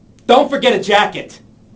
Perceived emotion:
angry